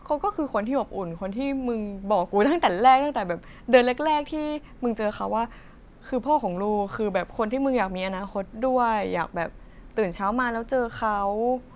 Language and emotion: Thai, happy